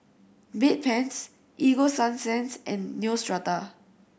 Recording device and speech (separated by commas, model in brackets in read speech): boundary microphone (BM630), read sentence